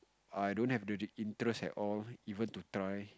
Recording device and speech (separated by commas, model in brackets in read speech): close-talking microphone, conversation in the same room